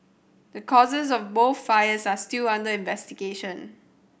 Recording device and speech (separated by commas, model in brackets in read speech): boundary microphone (BM630), read sentence